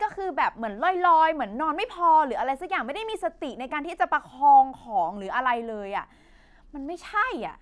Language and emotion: Thai, frustrated